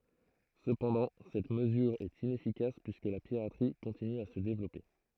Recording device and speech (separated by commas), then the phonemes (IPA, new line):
throat microphone, read sentence
səpɑ̃dɑ̃ sɛt məzyʁ ɛt inɛfikas pyiskə la piʁatʁi kɔ̃tiny a sə devlɔpe